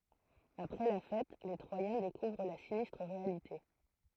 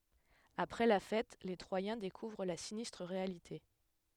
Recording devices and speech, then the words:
throat microphone, headset microphone, read sentence
Après la fête, les Troyens découvrent la sinistre réalité.

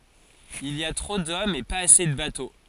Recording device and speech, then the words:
forehead accelerometer, read sentence
Il y a trop d'hommes et pas assez de bateaux.

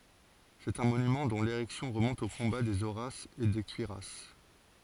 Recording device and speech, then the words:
forehead accelerometer, read sentence
C'est un monument dont l'érection remonte au combat des Horaces et des Curiaces.

